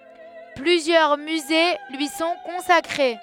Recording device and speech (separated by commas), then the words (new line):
headset microphone, read sentence
Plusieurs musées lui sont consacrés.